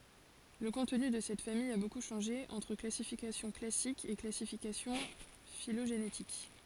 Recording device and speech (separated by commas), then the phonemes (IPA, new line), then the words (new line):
forehead accelerometer, read sentence
lə kɔ̃tny də sɛt famij a boku ʃɑ̃ʒe ɑ̃tʁ klasifikasjɔ̃ klasik e klasifikasjɔ̃ filoʒenetik
Le contenu de cette famille a beaucoup changé entre classification classique et classification phylogénétique.